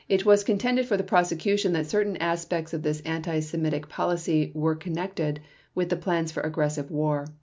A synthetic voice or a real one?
real